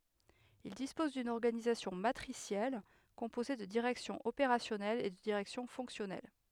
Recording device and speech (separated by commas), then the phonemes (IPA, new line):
headset microphone, read sentence
il dispɔz dyn ɔʁɡanizasjɔ̃ matʁisjɛl kɔ̃poze də diʁɛksjɔ̃z opeʁasjɔnɛlz e də diʁɛksjɔ̃ fɔ̃ksjɔnɛl